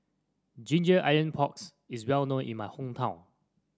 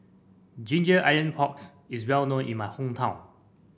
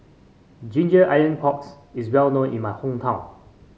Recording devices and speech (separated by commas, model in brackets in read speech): standing microphone (AKG C214), boundary microphone (BM630), mobile phone (Samsung C5), read sentence